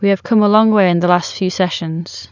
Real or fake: real